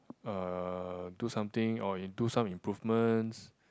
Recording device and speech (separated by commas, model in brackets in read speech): close-talking microphone, conversation in the same room